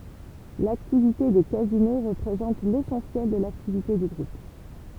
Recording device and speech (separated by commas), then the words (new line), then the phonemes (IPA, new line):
temple vibration pickup, read sentence
L'activité des casinos représente l'essentiel de l'activité du Groupe.
laktivite de kazino ʁəpʁezɑ̃t lesɑ̃sjɛl də laktivite dy ɡʁup